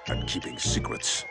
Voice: deep voice